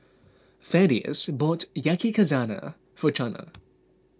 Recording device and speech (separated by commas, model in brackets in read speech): close-talking microphone (WH20), read sentence